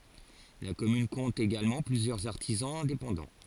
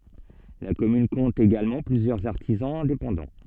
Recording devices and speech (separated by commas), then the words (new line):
forehead accelerometer, soft in-ear microphone, read sentence
La commune compte également plusieurs artisans indépendants.